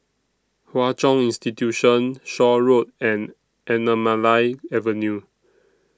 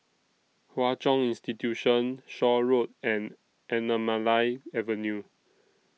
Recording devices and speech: standing microphone (AKG C214), mobile phone (iPhone 6), read sentence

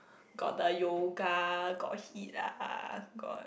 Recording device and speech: boundary microphone, conversation in the same room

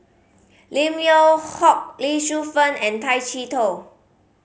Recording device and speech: mobile phone (Samsung C5010), read sentence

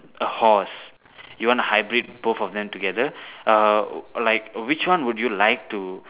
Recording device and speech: telephone, conversation in separate rooms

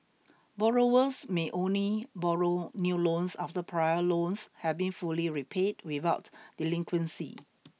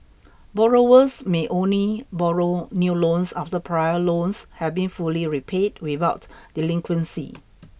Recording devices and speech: mobile phone (iPhone 6), boundary microphone (BM630), read sentence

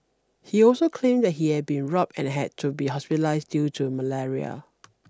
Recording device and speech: standing microphone (AKG C214), read sentence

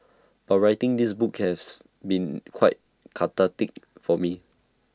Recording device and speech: standing microphone (AKG C214), read sentence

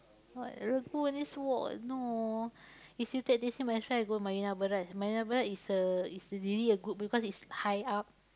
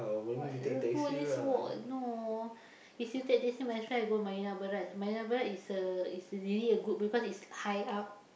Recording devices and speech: close-talking microphone, boundary microphone, conversation in the same room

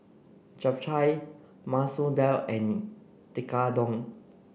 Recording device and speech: boundary microphone (BM630), read sentence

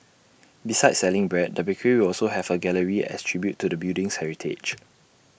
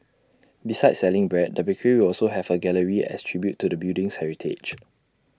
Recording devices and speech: boundary microphone (BM630), standing microphone (AKG C214), read sentence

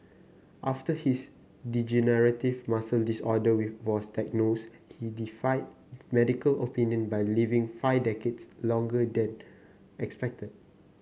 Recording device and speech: mobile phone (Samsung C9), read sentence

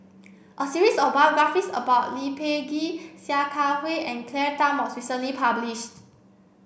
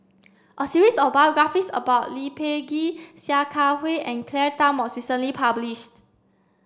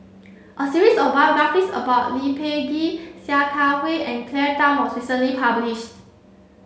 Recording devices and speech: boundary microphone (BM630), standing microphone (AKG C214), mobile phone (Samsung C7), read sentence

